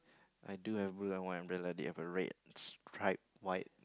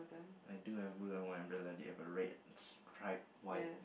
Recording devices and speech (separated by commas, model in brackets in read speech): close-talking microphone, boundary microphone, conversation in the same room